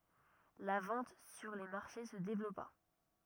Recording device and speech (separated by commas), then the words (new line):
rigid in-ear microphone, read sentence
La vente sur les marchés se développa.